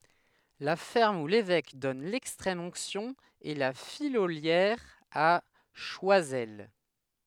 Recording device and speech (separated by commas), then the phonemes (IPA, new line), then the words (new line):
headset microphone, read sentence
la fɛʁm u levɛk dɔn lɛkstʁɛm ɔ̃ksjɔ̃ ɛ la fijoljɛʁ a ʃwazɛl
La ferme où l'évêque donne l'extrême onction est La Fillolière à Choisel.